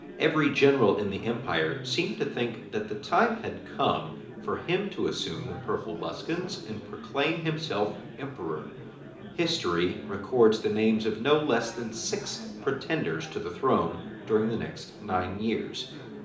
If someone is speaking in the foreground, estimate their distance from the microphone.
2.0 m.